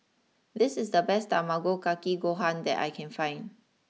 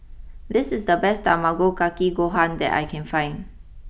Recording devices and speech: mobile phone (iPhone 6), boundary microphone (BM630), read sentence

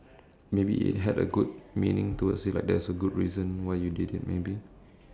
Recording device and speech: standing microphone, conversation in separate rooms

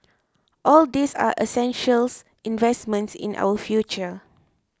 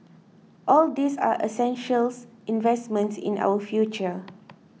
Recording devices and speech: close-talking microphone (WH20), mobile phone (iPhone 6), read sentence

